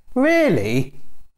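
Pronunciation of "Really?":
'Really?' is said with a rising-falling tone that sounds annoyed.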